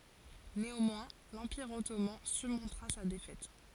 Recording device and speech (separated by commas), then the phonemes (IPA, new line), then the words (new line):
forehead accelerometer, read sentence
neɑ̃mwɛ̃ lɑ̃piʁ ɔtoman syʁmɔ̃tʁa sa defɛt
Néanmoins, l'Empire Ottoman surmontera sa défaite.